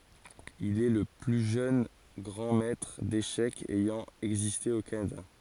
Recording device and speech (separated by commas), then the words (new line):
forehead accelerometer, read sentence
Il est le plus jeune grand maitre d'échecs ayant existé au Canada.